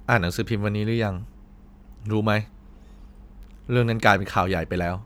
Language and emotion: Thai, frustrated